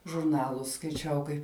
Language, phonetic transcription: Lithuanian, žurˈnalus skaiˈčiau kaip

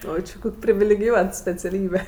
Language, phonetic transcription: Lithuanian, ˈo či ˈkok' privilegiˈjuot speciaˈlybe

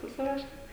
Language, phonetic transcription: Lithuanian, suˈsiruošiam

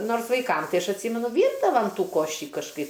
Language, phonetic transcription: Lithuanian, ˈnors vaiˈkam ˈtai ˈaš atˈsymenu ˈvyrdavam ˈtų ˈkoši kažˈkaip

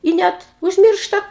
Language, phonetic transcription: Lithuanian, i ˈnet užˈmiršta

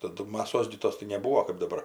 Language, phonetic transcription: Lithuanian, taˈdu maˈsos gi ˈtos tai nebūo kɜp daˈbar

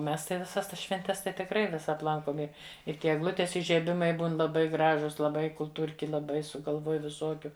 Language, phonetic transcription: Lithuanian, ˈmes tai viˈsas ˈtas švenˈtes tai tikˈrai ˈvisad ˈlankom ˈi ir ˈtie egˈlutės ižieˈbimai ˈbūn laˈbai ˈgražus laˈbai kulˈtūrki laˈbai sugalˈvuoj viˈsuokiu

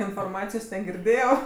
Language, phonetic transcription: Lithuanian, inforˈmacijos negirˈdėjau

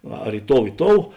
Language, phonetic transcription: Lithuanian, ˈar i ˈtou i ˈtou

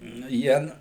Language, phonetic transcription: Lithuanian, nu ˈjie n

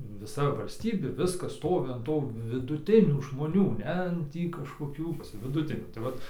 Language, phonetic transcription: Lithuanian, viˈsa valsˈtybė ˈviskas ˈstovi an ˈtų viduˈtinių žmoˈnių ˈne ˈtį kažkoˈkių viduˈtinių tai ˈvat

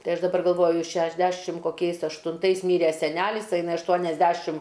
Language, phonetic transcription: Lithuanian, ˈtai ˈaš daˈbar galˈvoju šešˈdešim koˈkiais aštunˈtais ˈmyre seˈnælis a iˈnai ašˈtuoniasˌdæšim

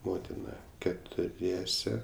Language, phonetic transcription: Lithuanian, ˈmotina ketuˈriese

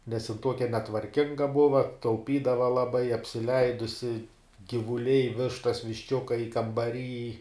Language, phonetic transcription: Lithuanian, nes jin ˈtuokia netvarˈkinga ˈbuva tauˈpydava laˈbai apsiˈleidusi gyvuˈliai ˈvištas višˈčiukai kambaˈryj

